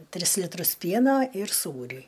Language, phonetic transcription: Lithuanian, ˈtris litˈrus ˈpieno ir ˈsūrį

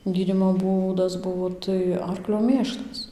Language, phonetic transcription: Lithuanian, ˈgydymo ˈbūdas ˈbuvo tai ˈarklio ˈmėšlas

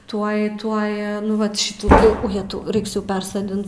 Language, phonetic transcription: Lithuanian, ˈtuoj ˈtuoj nu ˈvat ˈšitų tai ˈjetau ˈraiks jau ˈpersodint

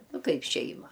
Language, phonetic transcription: Lithuanian, ˈnu ˈkaip ˈšeima

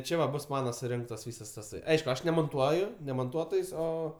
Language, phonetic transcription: Lithuanian, ˈčia va ˈbus ˈmana suˈrinktas ˈvysas taˈsai ˈaišku ˈaš nemonˈtuoju ne monˈtuotojs' ˈo

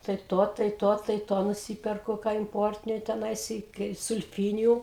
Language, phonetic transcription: Lithuanian, tai ˈto tai ˈto tai ˈto nuˈsyperku ką imˈportiniu teˈnais i kai sulˈfyniju

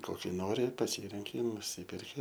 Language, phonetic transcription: Lithuanian, ˈkoki ˈnori paˈsyrenki i nuˈsyperki

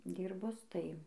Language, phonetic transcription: Lithuanian, ˈdyrbus tai

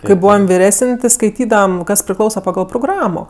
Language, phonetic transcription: Lithuanian, kai ˈbūvam viˈresin' ti skaiˈtydavam ˈkas priˈklausa paˈgal proˈgramo

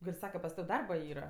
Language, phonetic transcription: Lithuanian, ˈgal' ˈsaka pas ˈtav' ˈdarba ˈyra

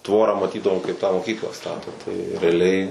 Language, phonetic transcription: Lithuanian, ˈtvorą maˈtydavom kaip tą moˈkyklą ˈstato tai reaˈliai

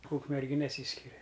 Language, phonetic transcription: Lithuanian, ūkmerˈgi neˈsyskiria

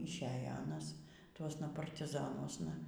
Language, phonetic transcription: Lithuanian, išˈėja ˈanas ˈtuosna partiˈzanuosna

